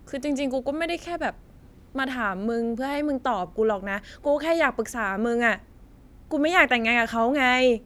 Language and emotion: Thai, frustrated